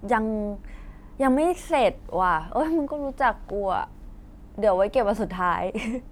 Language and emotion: Thai, happy